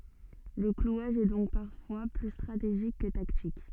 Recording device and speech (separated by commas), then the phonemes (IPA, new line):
soft in-ear microphone, read sentence
lə klwaʒ ɛ dɔ̃k paʁfwa ply stʁateʒik kə taktik